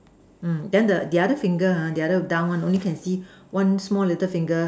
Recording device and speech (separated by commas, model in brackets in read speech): standing microphone, conversation in separate rooms